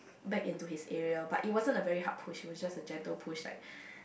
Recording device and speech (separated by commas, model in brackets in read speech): boundary microphone, conversation in the same room